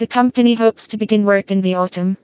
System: TTS, vocoder